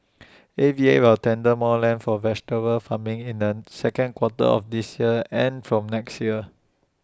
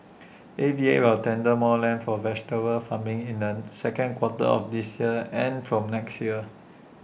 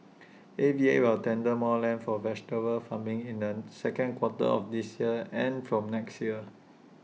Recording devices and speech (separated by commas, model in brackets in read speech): standing microphone (AKG C214), boundary microphone (BM630), mobile phone (iPhone 6), read sentence